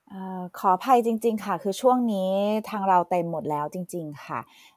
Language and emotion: Thai, frustrated